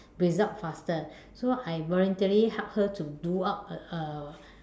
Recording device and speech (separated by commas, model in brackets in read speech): standing microphone, conversation in separate rooms